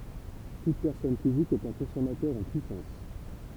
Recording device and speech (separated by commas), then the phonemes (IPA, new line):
temple vibration pickup, read sentence
tut pɛʁsɔn fizik ɛt œ̃ kɔ̃sɔmatœʁ ɑ̃ pyisɑ̃s